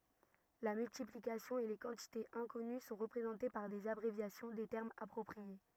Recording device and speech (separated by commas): rigid in-ear microphone, read sentence